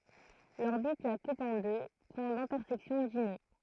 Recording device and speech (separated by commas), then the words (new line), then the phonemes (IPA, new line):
throat microphone, read sentence
L'orbite la coupe en deux points d'intersection dits nœuds.
lɔʁbit la kup ɑ̃ dø pwɛ̃ dɛ̃tɛʁsɛksjɔ̃ di nø